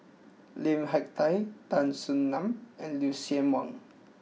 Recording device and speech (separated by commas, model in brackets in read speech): mobile phone (iPhone 6), read sentence